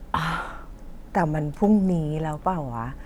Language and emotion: Thai, frustrated